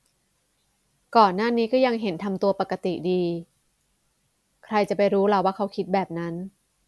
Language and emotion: Thai, frustrated